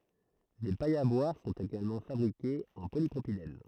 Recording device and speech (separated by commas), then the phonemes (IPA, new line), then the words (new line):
throat microphone, read sentence
de pajz a bwaʁ sɔ̃t eɡalmɑ̃ fabʁikez ɑ̃ polipʁopilɛn
Des pailles à boire sont également fabriquées en polypropylène.